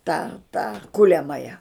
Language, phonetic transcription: Lithuanian, tą tą ˈkuliamaja

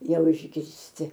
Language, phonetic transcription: Lithuanian, ˈjau išgirsˈti

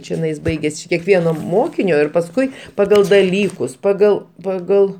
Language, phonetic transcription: Lithuanian, čiˈnais ˈbaigias či kekˈvieno ˈmokinio ir pasˈkui paˈgal daˈlykus paˈgal paˈgal

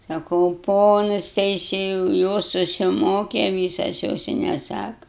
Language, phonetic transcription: Lithuanian, saˈkau ˈponas teiˈsėjau ˈjos susiˈmoke ˈvysas ˈjos i neˈsaka

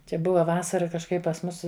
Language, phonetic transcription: Lithuanian, ˈčia ˈbuva ˈvasara kažˈkaip pas ˈmus

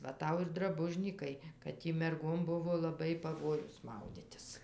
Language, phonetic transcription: Lithuanian, ˈva ˈtau ir draˈbužnykai kad ˈtį merˈgom ˈbuvo laˈbai paˈvojus ˈmauditis

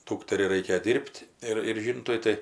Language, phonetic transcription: Lithuanian, ˈdūkteriai ˈraikėjo ˈdyr'b't' ir ir ˈžyntui ˈtai

